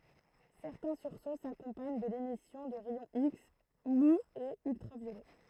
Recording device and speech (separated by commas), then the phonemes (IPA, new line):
throat microphone, read sentence
sɛʁtɛ̃ syʁso sakɔ̃paɲ də lemisjɔ̃ də ʁɛjɔ̃ iks muz e yltʁavjolɛ